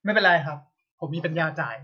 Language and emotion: Thai, frustrated